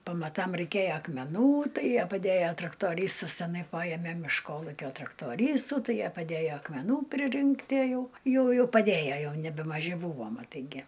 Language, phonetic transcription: Lithuanian, pamaˈtam reiˈkæja akmeˈnų ˈtai ˈjie paˈdæja traktoˈrystɨs teˈnai ˈpajeme iš ˈkolukio traktoˈrystų ˈtai ˈjie paˈdæjo akmeˈnų priˈrinktie ˈjau ˈjųju paˈdėja ˈjau nebemaˈži ˈbūvo maˈtai gi

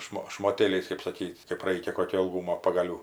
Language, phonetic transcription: Lithuanian, ˈšmo šmoˈtėliais kɜp saˈkyt' kɜp ˈraikia ˈkokio ilˈgūmo pagaˈlių

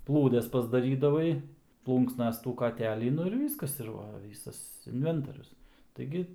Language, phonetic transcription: Lithuanian, ˈplūdes pasdaˈrydavai ˈplūnksnas tų kaˈtelį ˈnu ir ˈvyskas ir ˈva ˈvysas inˈventorius taiˈgi

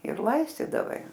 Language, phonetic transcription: Lithuanian, ir ˈlaistydavai

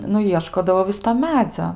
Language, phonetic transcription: Lithuanian, nu ˈjieškodavo ˈvis to ˈmedzio

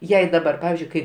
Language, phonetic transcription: Lithuanian, ˈjei daˈbar ˈpavizdžiui kai

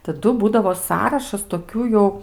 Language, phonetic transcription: Lithuanian, taˈdu ˈbūdavo ˈsąrašas toˈkių jau

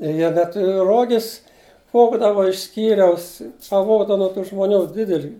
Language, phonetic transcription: Lithuanian, i ˈjie da ˈturi ˈrogis ˈvogdava iš ˈskyriaus paˈvogdava nuo tų žmoˈnių ˈdidelį

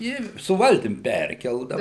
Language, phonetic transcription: Lithuanian, ˈi su ˈvaltim ˈperkeldau

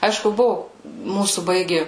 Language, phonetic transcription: Lithuanian, ˈaišku ˈbuvu ˈmūsų ˈbaigi

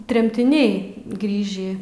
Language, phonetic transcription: Lithuanian, tremtiˈniai ˈgrįžį

